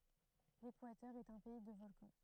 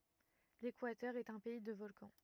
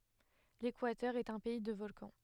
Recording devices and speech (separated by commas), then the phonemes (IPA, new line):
throat microphone, rigid in-ear microphone, headset microphone, read sentence
lekwatœʁ ɛt œ̃ pɛi də vɔlkɑ̃